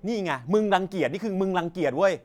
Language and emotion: Thai, angry